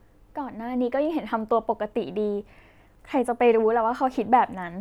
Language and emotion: Thai, neutral